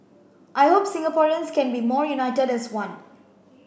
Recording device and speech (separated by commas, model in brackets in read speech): boundary microphone (BM630), read sentence